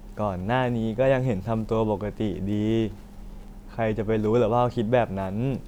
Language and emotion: Thai, neutral